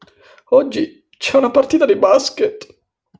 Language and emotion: Italian, sad